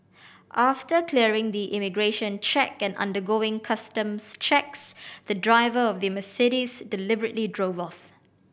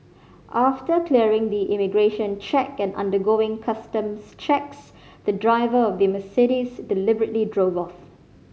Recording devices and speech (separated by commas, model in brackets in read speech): boundary microphone (BM630), mobile phone (Samsung C5010), read sentence